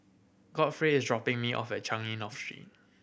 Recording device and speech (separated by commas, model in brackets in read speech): boundary microphone (BM630), read sentence